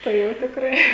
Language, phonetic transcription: Lithuanian, tai ˈjau tikˈrai

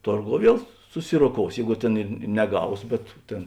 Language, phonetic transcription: Lithuanian, ˈtorˌgou ˈviel suˈsiroˌkous ˈjeigu ˈtėn ir n neˈgaus bet ˈtėn

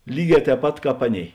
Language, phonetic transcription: Lithuanian, ˈlyˌgē tēp ˈpat ˈkāp ˈaˌnėi

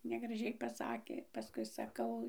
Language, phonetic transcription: Lithuanian, negraˈžiai paˈsakė paˈskui saˈkau

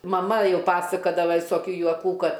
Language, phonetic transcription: Lithuanian, maˈma ˈjau ˈpasakadava visoˈkių juoˈkų ˈkad

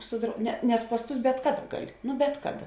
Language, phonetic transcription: Lithuanian, su drau ne nes pas ˈtus bet ˈkaˌda ˈgaˌli ˈnu ˈbet kaˌda

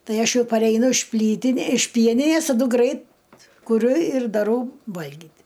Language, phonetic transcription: Lithuanian, ˈtai ˈaš ˈjau pareiˈnu iš ˈplytinė iš ˈpieninės taˈdu ˈgrait kuˈriu ir daˈrau ˈvalgyt'

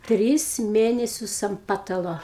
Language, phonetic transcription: Lithuanian, ˈtris ˈmėnesius am ˈpatalo

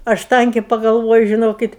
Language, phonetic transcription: Lithuanian, ˈaš ˈtankė pagalˈvoju žiˈnokit

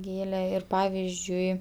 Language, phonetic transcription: Lithuanian, ˈgėle ir ˈpavizdžiui

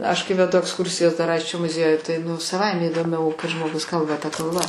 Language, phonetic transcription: Lithuanian, aš kai veˈdu aksˈkursijas dar ˈaisčio muˈziejuj tai nu saˈvaime įdoˈmiau kai žmoˈgus ˈkalba ta kalˈba

